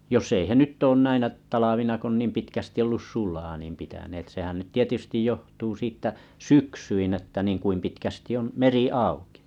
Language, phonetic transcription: Finnish, 'joss ‿ei he "nyt oon 'näinä 'talavina k ‿on 'niim 'pitkästi ollus "sulaa niim pitäneet sehän nyt 'tietystij johtuu 'siittä "syksyin ‿että niiŋ 'kuim pitkästi on , 'meri "àuki .
- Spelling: jos ei he nyt ole näinä talvina kun on niin pitkästi ollut sulaa niin pitäneet sehän nyt tietysti johtuu siitä syksyin että niin kuinka pitkästi on meri auki

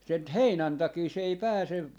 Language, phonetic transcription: Finnish, 'sen ‿t- , "heinän takii se ei 'pääse , .
- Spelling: sen - heinän takia se ei pääse

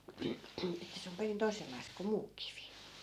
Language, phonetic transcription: Finnish, että se om 'perin 'toi̮sellais ko 'muu kivi .
- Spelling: että se on perin toisenlaista kuin muu kivi

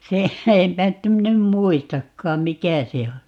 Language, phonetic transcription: Finnish, 'se , 'empä (nyt ‿em min ‿em) "muistakkaam "mikä se o .
- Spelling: se enpä nyt en minä en muistakaan mikä se on

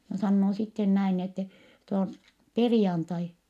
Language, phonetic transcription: Finnish, ja sannoo sitten näin n ‿ettɛ , » nyt ‿om , perⁱjantai .
- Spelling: ja sanoo sitten näin niin että nyt on perjantai

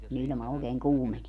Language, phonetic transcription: Finnish, ku'n ‿iĺma òekeeŋ "kuumenie .
- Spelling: kun ilma oikein kuumenee

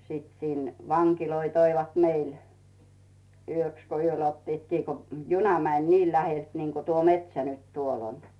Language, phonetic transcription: Finnish, sit sin 'vaŋkiloi toivat "meil , 'yöks ko "yöl ottiit 'kii ko 'juna mäń "nii 'lähelt niinko 'tuo "metsä nyt 'tuol ‿on .
- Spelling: sitten sinne vankeja toivat meille yöksi kun yöllä ottivat kiinni kun juna meni niin läheltä niin kuin tuo metsä nyt tuolla on

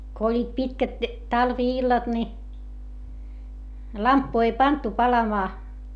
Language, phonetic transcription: Finnish, ko oĺĺiit pitkät , talvi₍illat ni , lamppu ei pantu palamaa .
- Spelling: kun olivat pitkät talvi-illat niin lamppua ei pantu palamaan

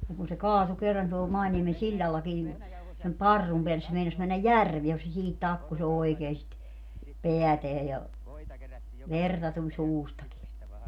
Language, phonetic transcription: Finnish, niŋ kun se "kaatu kerran tuol 'Mainiemen "siĺĺallaki nin , sem "parrum peälles se 'meinas männäj "järvie ku se siihit 'takku"s ‿oekee sit , 'peäteä ja , 'verta tuĺ "suustaki (sitte) .
- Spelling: niin kun se kaatui kerran tuolla Mainiemen sillallakin niin sen parrun päälle se meinasi mennä järveen kun se siihen takkusi oikein sitä päätään ja verta tuli suustakin sitten

